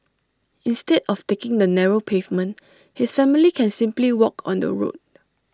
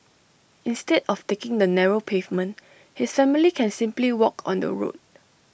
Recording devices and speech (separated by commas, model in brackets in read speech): standing microphone (AKG C214), boundary microphone (BM630), read sentence